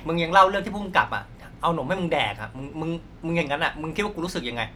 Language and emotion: Thai, angry